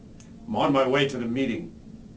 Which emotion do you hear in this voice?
neutral